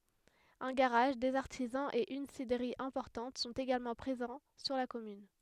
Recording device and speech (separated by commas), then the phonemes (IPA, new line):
headset microphone, read sentence
œ̃ ɡaʁaʒ dez aʁtizɑ̃z e yn sidʁəʁi ɛ̃pɔʁtɑ̃t sɔ̃t eɡalmɑ̃ pʁezɑ̃ syʁ la kɔmyn